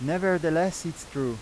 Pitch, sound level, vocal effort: 165 Hz, 91 dB SPL, loud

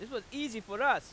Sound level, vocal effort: 99 dB SPL, very loud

